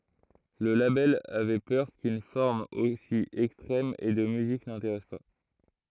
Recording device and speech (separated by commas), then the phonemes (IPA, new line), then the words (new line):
throat microphone, read sentence
lə labɛl avɛ pœʁ kyn fɔʁm osi ɛkstʁɛm e də myzik nɛ̃teʁɛs pa
Le label avait peur qu'une forme aussi extrême et de musique n'intéresse pas.